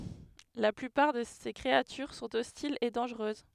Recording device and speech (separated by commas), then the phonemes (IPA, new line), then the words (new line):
headset microphone, read sentence
la plypaʁ də se kʁeatyʁ sɔ̃t ɔstilz e dɑ̃ʒʁøz
La plupart de ses créatures sont hostiles et dangereuses.